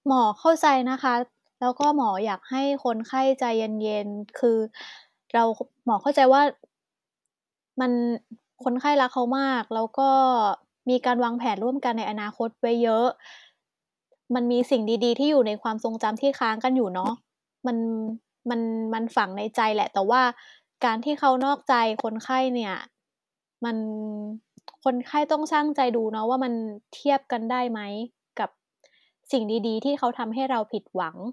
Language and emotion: Thai, neutral